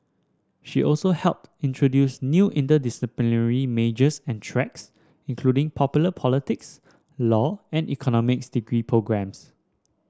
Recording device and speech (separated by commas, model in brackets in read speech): standing microphone (AKG C214), read sentence